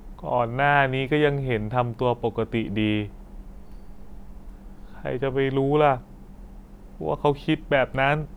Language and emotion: Thai, frustrated